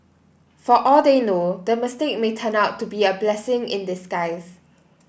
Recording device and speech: boundary microphone (BM630), read sentence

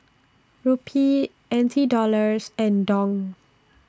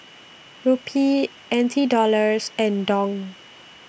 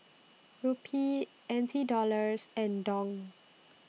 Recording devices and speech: standing microphone (AKG C214), boundary microphone (BM630), mobile phone (iPhone 6), read sentence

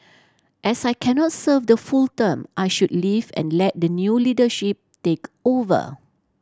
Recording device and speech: standing microphone (AKG C214), read sentence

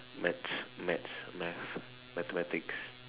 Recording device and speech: telephone, conversation in separate rooms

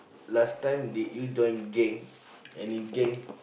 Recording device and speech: boundary microphone, conversation in the same room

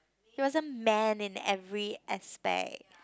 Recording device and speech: close-talking microphone, conversation in the same room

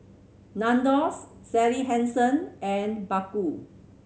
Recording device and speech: mobile phone (Samsung C7100), read sentence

